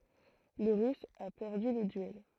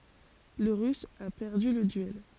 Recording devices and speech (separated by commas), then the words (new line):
throat microphone, forehead accelerometer, read sentence
Le russe a perdu le duel.